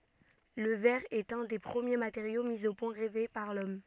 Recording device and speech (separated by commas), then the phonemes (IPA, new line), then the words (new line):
soft in-ear microphone, read sentence
lə vɛʁ ɛt œ̃ de pʁəmje mateʁjo mi o pwɛ̃ ʁɛve paʁ lɔm
Le verre est un des premiers matériaux mis au point, rêvé par l’homme.